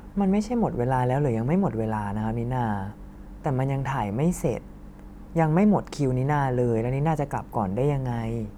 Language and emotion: Thai, frustrated